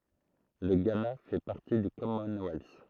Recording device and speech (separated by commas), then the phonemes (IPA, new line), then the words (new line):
throat microphone, read sentence
lə ɡana fɛ paʁti dy kɔmɔnwɛls
Le Ghana fait partie du Commonwealth.